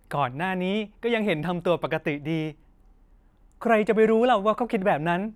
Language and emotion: Thai, neutral